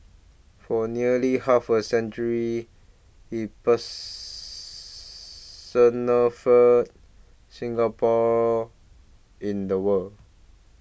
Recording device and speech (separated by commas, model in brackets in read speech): boundary microphone (BM630), read sentence